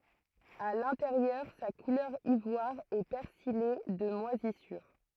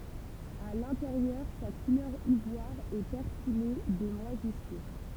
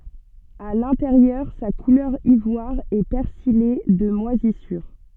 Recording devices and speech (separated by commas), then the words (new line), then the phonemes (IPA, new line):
throat microphone, temple vibration pickup, soft in-ear microphone, read sentence
À l'intérieur, sa couleur ivoire est persillée de moisissures.
a lɛ̃teʁjœʁ sa kulœʁ ivwaʁ ɛ pɛʁsije də mwazisyʁ